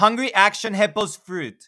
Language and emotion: English, sad